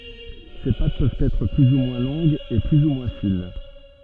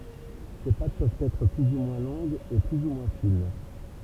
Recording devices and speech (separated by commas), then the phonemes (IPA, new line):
soft in-ear microphone, temple vibration pickup, read sentence
se pat pøvt ɛtʁ ply u mwɛ̃ lɔ̃ɡz e ply u mwɛ̃ fin